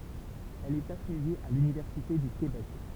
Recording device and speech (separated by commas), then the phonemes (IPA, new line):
temple vibration pickup, read sentence
ɛl ɛt afilje a lynivɛʁsite dy kebɛk